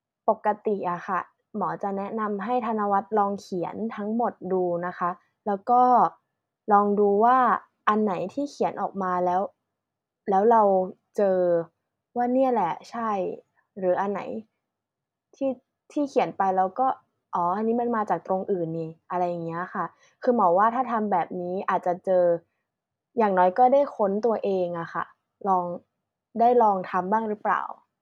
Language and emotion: Thai, neutral